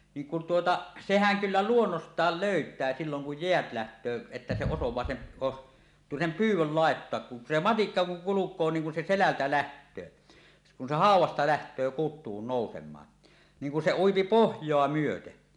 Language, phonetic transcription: Finnish, niiŋ kun 'tuota , seh̀äŋ kyllä "luonnost̀aal "lö̀yt̀ää silloŋ kuj 'jeät 'läht̀öö , että se 'osoẁaa sem̳ , os- "sem "pyyw̆wöl 'laettoak kun se "matikka kuŋ 'kuluk̀oo 'niiŋ kun se "selältä 'läht̀öö , se kun se "hàuw̆wasta läht̀öö 'kut̆tuun nòusem̀aan , 'niŋ kun se "uipi "pohj̀oa 'myöte .
- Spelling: niin kun tuota sehän kyllä luonnostaan löytää silloin kun jäät lähtee että se osaa sen - sen pyydön laittaa kun se matikka kun kulkee niin kun se selältä lähtee se kun se haudasta lähtee kutuun nousemaan niin kun se ui pohjaa myöten

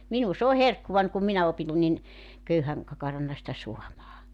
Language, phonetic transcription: Finnish, 'minu s ‿oo "herkkuvań kum 'minä opin nin , 'köyhäŋ , 'kakaranna sitä 'suamaa .
- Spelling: minun se on herkkuani kun minä opin niin köyhän kakarana sitä saamaan

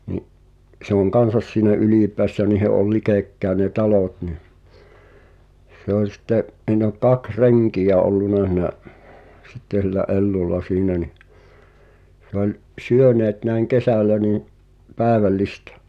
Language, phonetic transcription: Finnish, ni’ , se ‿oŋ "kansas siinä 'Ylìpeässä niihe ’ol 'likèkkäe ne "talòt nih , se ‿oĺ sⁱt̆te’ , ’[s]iin ‿ol 'kaks "reŋkijä olluna h̳i̳nä’ , 'sitte sillä '’Ellulla "siinä ni , se ‿oĺ , 'syöneet näi̬ŋ "kesä̀l̆lä nii’ , 'pääᵉväl'listᴀ̈ ,.
- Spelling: niin se on kanssa siinä Ylipäässä niiden oli lähekkäin ne talot niin se oli sitten siinä oli kaksi renkiä ollut siinä sitten sillä Ellulla siinä niin se oli syöneet näin kesällä niin päivällistä

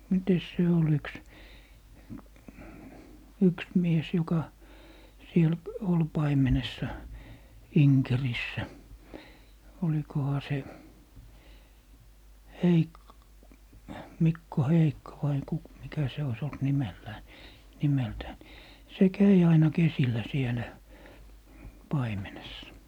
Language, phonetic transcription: Finnish, 'mites se ol 'yks , 'yks mies 'joka , 'siel , 'ol , 'paimenessa , "Iŋkerissä , 'olikoha se , "Heik- , 'Mikko "Heikko vai 'ku - 'mikä se ois olt 'nimellää ni , 'nimeltään , se "käi 'aina 'kesillä 'sielä , "paimenessa .
- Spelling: mitenkäs se oli yksi yksi mies joka siellä oli paimenessa Inkerissä olikohan se - Mikko Heikko vai - mikä se olisi ollut nimellään niin nimeltään se kävi aina kesillä siellä paimenessa

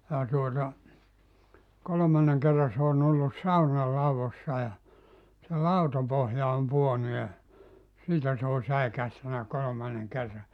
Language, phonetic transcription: Finnish, ja tuota , 'kolᵒmanneŋ kerra s ‿oon ‿ollus "sauna 'lauvossa ja , se "lautapohja om 'puonu ja , 'siitä se on̬ 'säikähtänä 'kolomanneŋ 'kerra « .
- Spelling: ja tuota kolmannen kerran se on ollut saunan laudoissa ja se lautapohja on pudonnut ja siitä se on säikähtänyt kolmannen kerran

